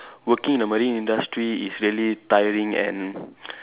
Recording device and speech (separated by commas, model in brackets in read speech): telephone, conversation in separate rooms